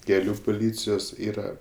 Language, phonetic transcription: Lithuanian, keˈlių puˈlycijos ˈyra

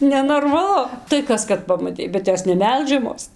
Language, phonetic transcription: Lithuanian, nenormaˈlu tai ˈkas kad pamaˈtei bet ˈjos neˈmelžiamos

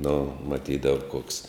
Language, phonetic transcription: Lithuanian, nu maˈtydav koks

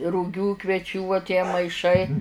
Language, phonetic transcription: Lithuanian, ruˈgių kveˈčių uo tie maiˈšai

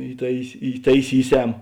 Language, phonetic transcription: Lithuanian, įˈtais įtaiˈsyˌsem

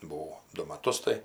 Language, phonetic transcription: Lithuanian, buˈvau ˈdu maˈtus tai

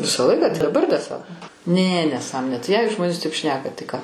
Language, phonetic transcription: Lithuanian, ˈvisą ˈlaiką tai daˈbar dar ˈsa ne neˈsąmonė tai jei ˈžmonės taip ˈšneka tai ką

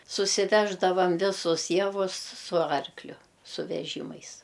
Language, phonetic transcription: Lithuanian, susiˈveždavam ˈvisus ˈjavus su ˈarkliu su veˈžymais

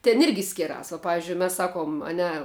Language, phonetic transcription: Lithuanian, ten ˈirgi ˈskiras va ˈpavizdžiui ˈmes ˈsaˌkuom a ˈne

